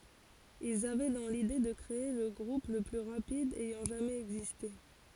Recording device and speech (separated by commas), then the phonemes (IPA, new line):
forehead accelerometer, read sentence
ilz avɛ dɑ̃ lide də kʁee lə ɡʁup lə ply ʁapid ɛjɑ̃ ʒamɛz ɛɡziste